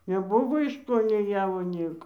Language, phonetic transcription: Lithuanian, neˈbuvo iš ko nei ˈjavo ˈnieko

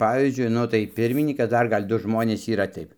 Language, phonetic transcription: Lithuanian, ˈpavyzdžiui ˈnu tai ˈpirminykas ˈdar ˈgal' ˈdu ˈžmonės yˈra ˈtaip

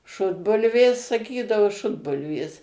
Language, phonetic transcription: Lithuanian, ˈšutbulvės saˈkydavu ˈšutbulvės

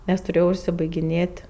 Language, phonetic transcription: Lithuanian, nes tuˈrėjau užsibaigiˈnėt'

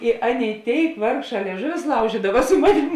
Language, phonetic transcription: Lithuanian, i ˈaˌnėi ˈtėik ˈvargˌšā lieˈžuvius ˈlaužydava su ˈmanim

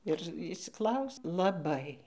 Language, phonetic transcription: Lithuanian, ir išsiˈklausi laˈbai

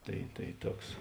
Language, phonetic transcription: Lithuanian, ˈtai tai ˈtuoks

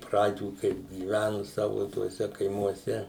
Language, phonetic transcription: Lithuanian, ˈpradžių kaip gyˈvænu ˈsavu tuoˈse kaimuoˈse

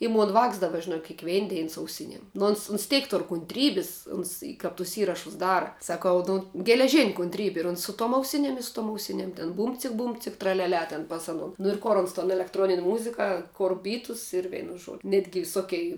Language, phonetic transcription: Lithuanian, i ˈmon ˈvāks ˈdaba žiˈnok kėkˈvein ˈdein su auˈsiniem nu ˈons uns ˈteik ˈtur kuntˈrybis ˈuns i kap tus ˈįrašus ˈdara saˈkau ˈnu geleˈžin' kuntˈrybi ir ˈuns su tuom auˈsiniem i su tuom auˈsiniem tin ˈbūmcik ˈbūmcik traliaˈlia ten ˈpas ano nu ir ˈkor ons ton elektˈronin' ˈmuzika ˈkor ˈbytus ir ˈveinu ˈžuodiu ˈnetgi viˈsokei

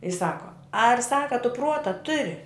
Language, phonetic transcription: Lithuanian, i ˈsako ar ˈsaka tu ˈpruota ˈturi

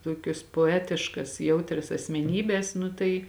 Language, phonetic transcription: Lithuanian, ˈtokios poˈetiškas ˈjautrias asmeˈnybes ˈnu tai

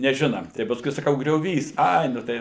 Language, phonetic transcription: Lithuanian, neˈžina tai pasˈkui saˈkau grioˈvys ˈai nu ˈtai

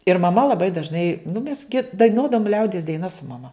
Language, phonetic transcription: Lithuanian, ir maˈma laˈbai dažˈnai nu mes gi daiˈnuodavom ˈliaudies daiˈnas su maˈma

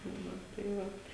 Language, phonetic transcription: Lithuanian, ˈnu tai ˈvat

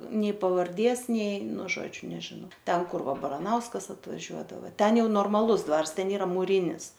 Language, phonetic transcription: Lithuanian, ˈnei pavarˈdės ˈnei ˈnu ˈžodžiu nežiˈnau ˈten ˈkur ˈva baraˈnauskas atvaˈžiuodava ˈten ˈjau normaˈlus ˈdvars ˈten ˈyra mūˈrynis

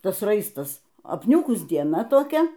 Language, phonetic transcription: Lithuanian, ˈtas ˈraistas apˈniūkus dieˈna toˈkia

